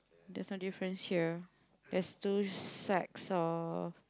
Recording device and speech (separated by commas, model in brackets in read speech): close-talking microphone, conversation in the same room